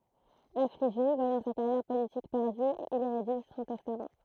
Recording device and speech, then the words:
throat microphone, read sentence
Affligé, voyant sa carrière politique perdue, il y rédige son testament.

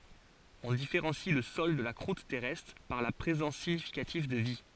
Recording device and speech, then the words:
forehead accelerometer, read sentence
On différencie le sol de la croûte terrestre par la présence significative de vie.

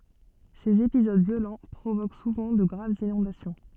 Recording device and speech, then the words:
soft in-ear microphone, read sentence
Ces épisodes violents provoquent souvent de graves inondations.

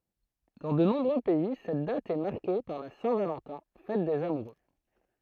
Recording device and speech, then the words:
throat microphone, read sentence
Dans de nombreux pays, cette date est marquée par la Saint-Valentin, fête des amoureux.

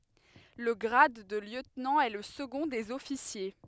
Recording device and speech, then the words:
headset microphone, read sentence
Le grade de lieutenant est le second des officiers.

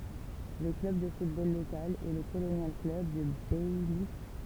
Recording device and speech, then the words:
temple vibration pickup, read sentence
Le club de football local est le Colonial Club de Baillif.

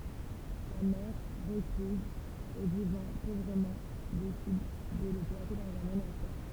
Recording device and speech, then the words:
temple vibration pickup, read sentence
Sa mère, recluse et vivant pauvrement, décide de le placer dans un monastère.

